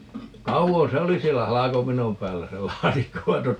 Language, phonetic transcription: Finnish, "kauvon̬ se "oli siellä "halakopinom 'päällä se "laatikko vain 'tot - ,.
- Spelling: kauan se oli siellä halkopinon päällä se laatikko vaan -

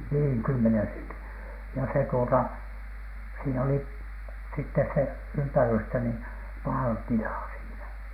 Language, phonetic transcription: Finnish, niiŋ 'kymmenen sentin , ja se tuota , siin ‿oli , sittes se "ympärystä ni , 'paal(e) 'tilà siinä .
- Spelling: niin kymmenen sentin ja se tuota siinä oli sitten se ympärystä niin päälle tilaa siinä

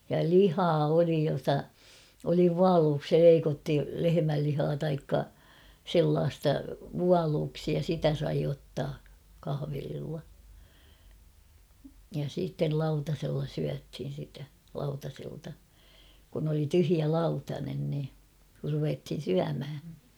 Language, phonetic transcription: Finnish, ja "lihaa 'oli jota , oli "vualuuksi 'leiko̳ttu 'lehemällihaa taikka , 'sellaasta , "vualuuksi ja 'sitä sai ottaa , 'kahᵃvelilla , ja siittel 'lauta̳sella 'syäthin̬ sitä , 'lauta̳selta , kun ‿oli 'tyhjä "laut a̳nen ni , kur ruvethin̬ 'syämhä .
- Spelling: ja lihaa oli jota oli vuoluiksi leikattu lehmänlihaa taikka sellaista vuoluiksi ja sitä sai ottaa kahvelilla ja sitten lautasella syötiin sitä lautaselta kun oli tyhjä - lautanen niin kun ruvettiin syömään

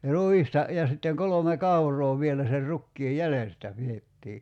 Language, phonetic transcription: Finnish, 'ruista , ja sitteŋ 'kolome "kaur̆roo 'vielä ser 'rukkii "jälestä 'piettii .
- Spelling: ruista ja sitten kolme kauraa vielä sen rukiin jäljestä pidettiin

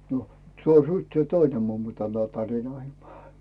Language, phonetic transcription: Finnish, nᴏ , 'suostuitse "toine mummo tällai 'tarinoimaa ?
- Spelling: nᴏ suostuiko toinen mummo tällä lailla tarinoimaan

